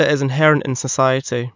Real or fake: real